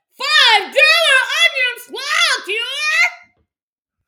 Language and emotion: English, surprised